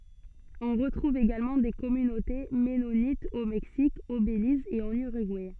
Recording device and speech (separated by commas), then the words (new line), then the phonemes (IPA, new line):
soft in-ear microphone, read sentence
On retrouve également des communautés mennonites au Mexique, au Belize et en Uruguay.
ɔ̃ ʁətʁuv eɡalmɑ̃ de kɔmynote mɛnonitz o mɛksik o beliz e ɑ̃n yʁyɡuɛ